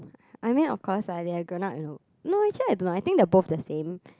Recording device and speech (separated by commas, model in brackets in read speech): close-talking microphone, conversation in the same room